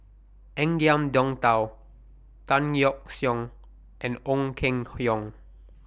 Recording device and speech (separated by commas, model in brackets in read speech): boundary microphone (BM630), read sentence